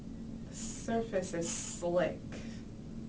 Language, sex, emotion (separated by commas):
English, female, disgusted